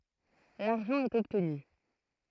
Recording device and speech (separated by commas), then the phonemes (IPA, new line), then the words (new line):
throat microphone, read sentence
laʁʒɑ̃ ɛt ɔbtny
L'argent est obtenu.